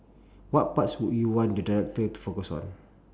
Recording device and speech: standing microphone, conversation in separate rooms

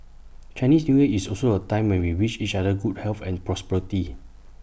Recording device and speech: boundary microphone (BM630), read sentence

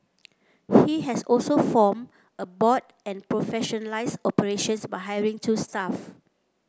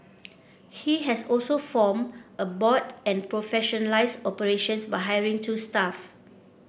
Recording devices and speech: close-talking microphone (WH30), boundary microphone (BM630), read sentence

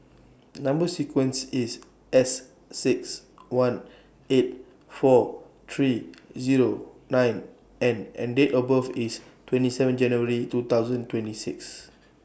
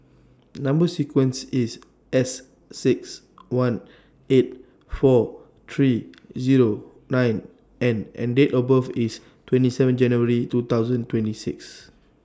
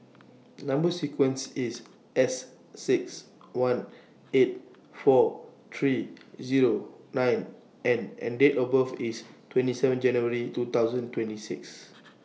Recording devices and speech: boundary microphone (BM630), standing microphone (AKG C214), mobile phone (iPhone 6), read sentence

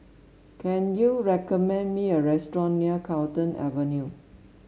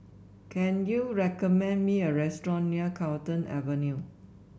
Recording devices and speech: mobile phone (Samsung S8), boundary microphone (BM630), read sentence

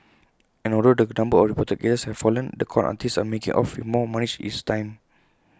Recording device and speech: close-talking microphone (WH20), read sentence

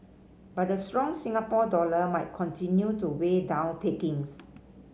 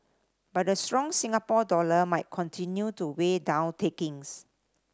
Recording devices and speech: mobile phone (Samsung C5010), standing microphone (AKG C214), read sentence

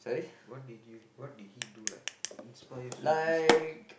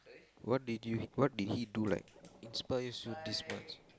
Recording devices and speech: boundary microphone, close-talking microphone, conversation in the same room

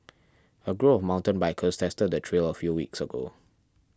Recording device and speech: standing microphone (AKG C214), read sentence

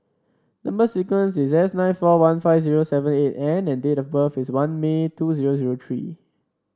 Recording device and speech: standing microphone (AKG C214), read sentence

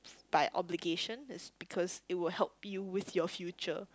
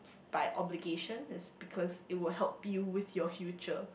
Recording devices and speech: close-talking microphone, boundary microphone, conversation in the same room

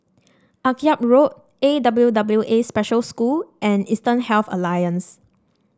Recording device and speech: standing microphone (AKG C214), read sentence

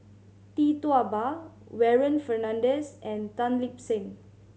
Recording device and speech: mobile phone (Samsung C7100), read sentence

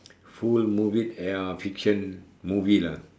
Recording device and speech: standing microphone, conversation in separate rooms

